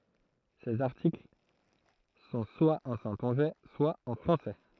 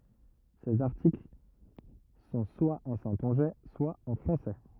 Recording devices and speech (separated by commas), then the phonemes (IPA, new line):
throat microphone, rigid in-ear microphone, read sentence
sez aʁtikl sɔ̃ swa ɑ̃ sɛ̃tɔ̃ʒɛ swa ɑ̃ fʁɑ̃sɛ